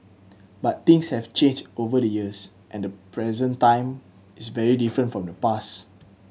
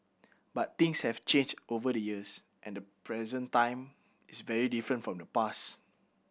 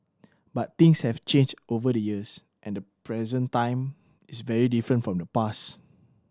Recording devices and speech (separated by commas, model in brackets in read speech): mobile phone (Samsung C7100), boundary microphone (BM630), standing microphone (AKG C214), read sentence